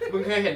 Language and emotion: Thai, happy